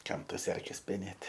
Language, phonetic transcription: Lithuanian, ˈkam ˈtas ˈerkes peˈnėt'

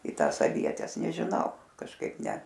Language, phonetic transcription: Lithuanian, į ˈtąs aˈvietes nežiˈnau kažˈkaip ne

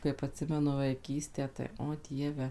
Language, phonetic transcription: Lithuanian, kaip atˈsimenu vaiˈkystę tai o ˈdieve

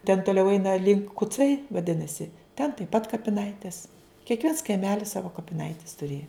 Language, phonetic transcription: Lithuanian, ten toˈliau ˈeina link kuˈcai vaˈdinasi ten taip pat kapiˈnaitės kiekˈviens kaiˈmelis ˈsavo kapiˈnaites tuˈrėja

